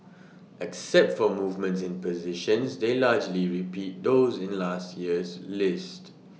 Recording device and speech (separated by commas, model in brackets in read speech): mobile phone (iPhone 6), read sentence